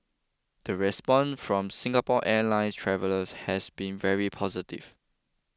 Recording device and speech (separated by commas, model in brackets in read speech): close-talking microphone (WH20), read sentence